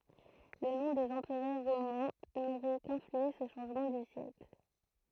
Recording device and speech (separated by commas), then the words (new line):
throat microphone, read sentence
Le nom des empereurs romains n'aurait qu'influencé ce changement du siècle.